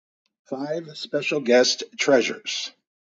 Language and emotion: English, neutral